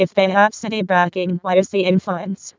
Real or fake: fake